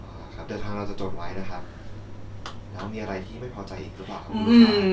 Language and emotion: Thai, neutral